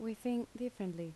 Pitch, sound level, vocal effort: 225 Hz, 78 dB SPL, soft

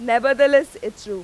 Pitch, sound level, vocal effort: 275 Hz, 97 dB SPL, very loud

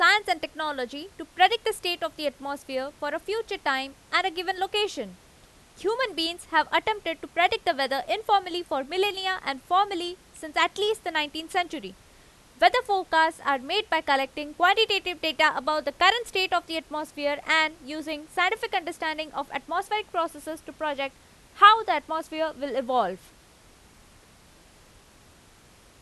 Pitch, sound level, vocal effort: 320 Hz, 93 dB SPL, very loud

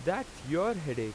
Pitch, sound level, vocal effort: 160 Hz, 91 dB SPL, very loud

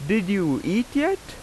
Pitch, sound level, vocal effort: 220 Hz, 88 dB SPL, very loud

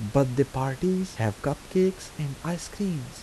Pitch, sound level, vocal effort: 145 Hz, 79 dB SPL, soft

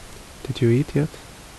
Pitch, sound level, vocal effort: 120 Hz, 68 dB SPL, soft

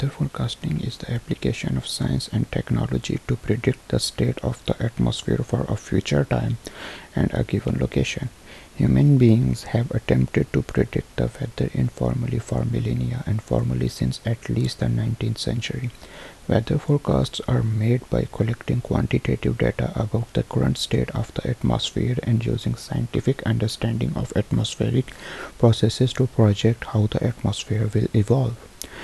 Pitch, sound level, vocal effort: 110 Hz, 70 dB SPL, soft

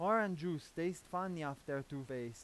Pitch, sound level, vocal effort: 165 Hz, 92 dB SPL, loud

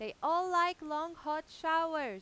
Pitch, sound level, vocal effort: 315 Hz, 98 dB SPL, very loud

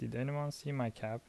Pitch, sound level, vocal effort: 125 Hz, 76 dB SPL, soft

